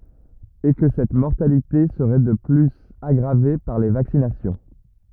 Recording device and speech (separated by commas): rigid in-ear microphone, read sentence